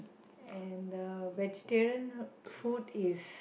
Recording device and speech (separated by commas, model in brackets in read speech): boundary microphone, conversation in the same room